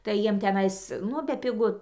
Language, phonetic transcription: Lithuanian, tai ˈjiem teˈnais ˈnu bepiˈgu

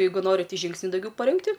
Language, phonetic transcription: Lithuanian, ˈjeigu ˈnori ti ˈžyngsniu dauˈgiau paˈrinkti

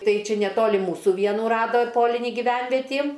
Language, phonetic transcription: Lithuanian, ˈtai ˈčia neˈtoli ˈmūsu ˈvienų ˈrado ˈpolinį giˈvenvetį

